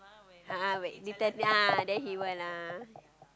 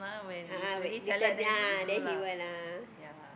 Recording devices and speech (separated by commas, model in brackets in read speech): close-talking microphone, boundary microphone, conversation in the same room